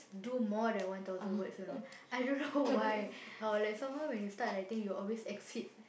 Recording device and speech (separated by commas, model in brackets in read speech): boundary microphone, conversation in the same room